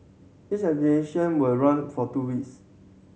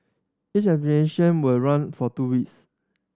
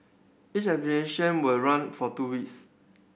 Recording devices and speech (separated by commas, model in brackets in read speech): mobile phone (Samsung C7100), standing microphone (AKG C214), boundary microphone (BM630), read sentence